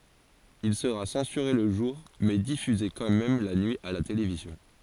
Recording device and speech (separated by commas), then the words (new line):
forehead accelerometer, read sentence
Il sera censuré le jour mais diffusé quand même la nuit à la télévision.